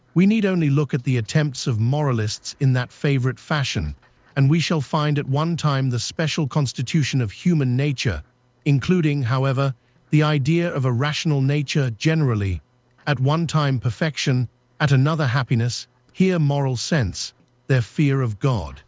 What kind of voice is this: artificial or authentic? artificial